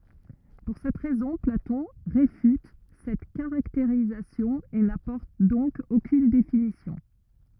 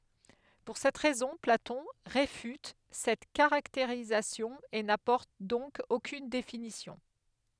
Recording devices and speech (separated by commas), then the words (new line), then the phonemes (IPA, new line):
rigid in-ear microphone, headset microphone, read sentence
Pour cette raison, Platon réfute cette caractérisation et n'apporte donc aucune définition.
puʁ sɛt ʁɛzɔ̃ platɔ̃ ʁefyt sɛt kaʁakteʁizasjɔ̃ e napɔʁt dɔ̃k okyn definisjɔ̃